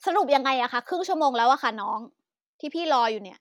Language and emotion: Thai, angry